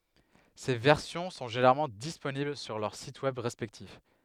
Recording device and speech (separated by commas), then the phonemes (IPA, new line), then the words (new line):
headset microphone, read sentence
se vɛʁsjɔ̃ sɔ̃ ʒeneʁalmɑ̃ disponibl syʁ lœʁ sit wɛb ʁɛspɛktif
Ces versions sont généralement disponibles sur leurs sites Web respectifs.